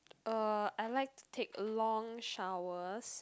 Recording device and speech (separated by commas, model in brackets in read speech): close-talking microphone, conversation in the same room